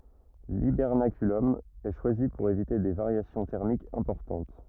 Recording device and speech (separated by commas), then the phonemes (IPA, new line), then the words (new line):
rigid in-ear microphone, read sentence
libɛʁnakylɔm ɛ ʃwazi puʁ evite de vaʁjasjɔ̃ tɛʁmikz ɛ̃pɔʁtɑ̃t
L’hibernaculum est choisi pour éviter des variations thermiques importantes.